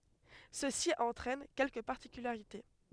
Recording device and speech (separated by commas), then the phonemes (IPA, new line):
headset microphone, read sentence
səsi ɑ̃tʁɛn kɛlkə paʁtikylaʁite